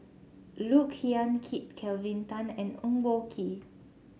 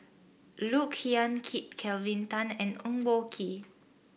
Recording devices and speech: mobile phone (Samsung C7), boundary microphone (BM630), read sentence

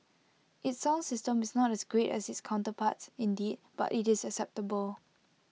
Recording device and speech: mobile phone (iPhone 6), read sentence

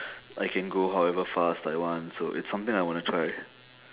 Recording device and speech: telephone, conversation in separate rooms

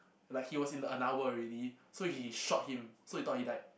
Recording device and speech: boundary microphone, conversation in the same room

